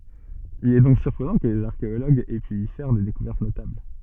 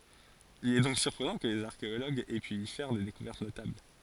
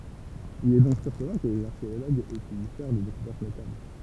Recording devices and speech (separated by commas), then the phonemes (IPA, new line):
soft in-ear microphone, forehead accelerometer, temple vibration pickup, read sentence
il ɛ dɔ̃k syʁpʁənɑ̃ kə lez aʁkeoloɡz ɛ py i fɛʁ de dekuvɛʁt notabl